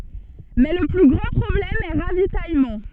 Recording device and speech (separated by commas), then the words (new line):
soft in-ear microphone, read sentence
Mais le plus grand problème est ravitaillement.